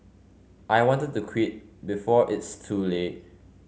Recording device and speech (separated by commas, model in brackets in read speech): mobile phone (Samsung C5), read sentence